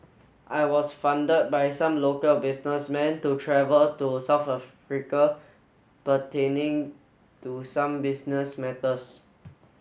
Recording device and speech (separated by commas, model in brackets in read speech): mobile phone (Samsung S8), read sentence